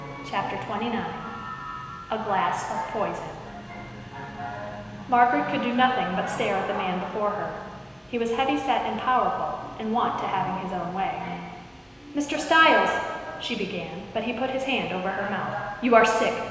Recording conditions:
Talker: one person; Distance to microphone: 1.7 m; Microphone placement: close; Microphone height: 1.0 m; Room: very reverberant, large; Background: television

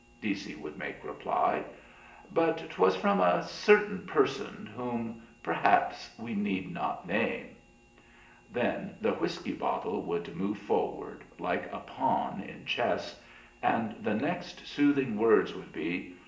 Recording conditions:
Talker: one person; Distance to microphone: 1.8 m; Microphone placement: close; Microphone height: 1.0 m; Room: large; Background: none

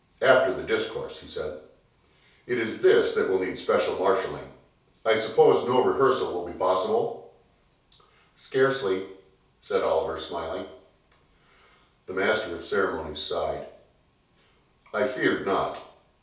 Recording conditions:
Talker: one person; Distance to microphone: 3.0 m; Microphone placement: far; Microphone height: 1.8 m; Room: small (3.7 m by 2.7 m); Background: none

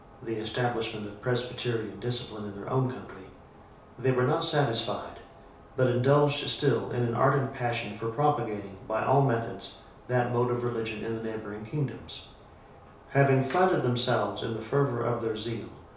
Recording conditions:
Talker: one person; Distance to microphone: 3.0 m; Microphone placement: far; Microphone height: 1.8 m; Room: small (3.7 m by 2.7 m); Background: none

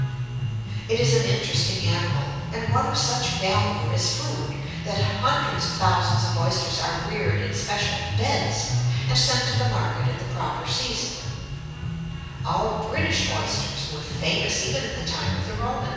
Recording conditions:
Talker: one person; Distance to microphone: 7.1 m; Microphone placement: far; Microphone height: 1.7 m; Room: very reverberant, large; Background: music

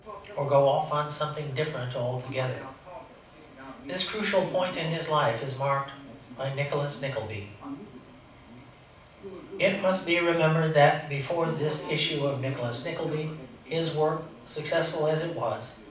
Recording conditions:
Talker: one person; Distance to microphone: 5.8 m; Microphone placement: far; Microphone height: 1.8 m; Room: medium-sized (5.7 m by 4.0 m); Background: television

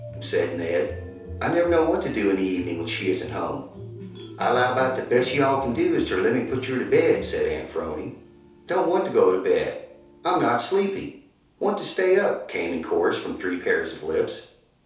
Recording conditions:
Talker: one person; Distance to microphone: 3.0 m; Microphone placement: far; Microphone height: 1.8 m; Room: small (3.7 m by 2.7 m); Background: music

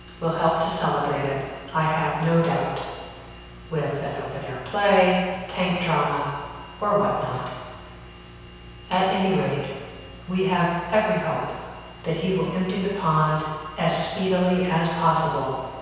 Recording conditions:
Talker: one person; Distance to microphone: 7.1 m; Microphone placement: far; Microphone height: 1.7 m; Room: very reverberant, large; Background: none

